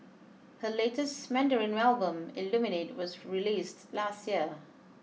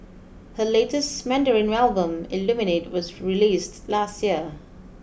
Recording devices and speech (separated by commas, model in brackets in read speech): mobile phone (iPhone 6), boundary microphone (BM630), read sentence